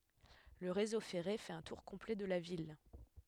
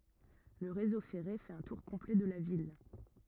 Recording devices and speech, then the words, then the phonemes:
headset microphone, rigid in-ear microphone, read sentence
Le réseau ferré fait un tour complet de la ville.
lə ʁezo fɛʁe fɛt œ̃ tuʁ kɔ̃plɛ də la vil

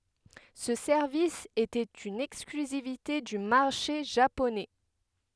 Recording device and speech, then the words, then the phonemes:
headset microphone, read sentence
Ce service était une exclusivité du marché japonais.
sə sɛʁvis etɛt yn ɛksklyzivite dy maʁʃe ʒaponɛ

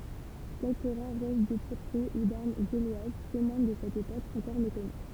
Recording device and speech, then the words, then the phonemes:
temple vibration pickup, read sentence
Quelques rares restes de poteries ou d’armes gauloises témoignent de cette époque encore méconnue.
kɛlkə ʁaʁ ʁɛst də potəʁi u daʁm ɡolwaz temwaɲ də sɛt epok ɑ̃kɔʁ mekɔny

